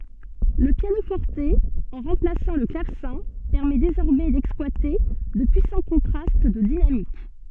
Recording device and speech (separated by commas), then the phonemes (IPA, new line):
soft in-ear microphone, read sentence
lə pjano fɔʁt ɑ̃ ʁɑ̃plasɑ̃ lə klavsɛ̃ pɛʁmɛ dezɔʁmɛ dɛksplwate də pyisɑ̃ kɔ̃tʁast də dinamik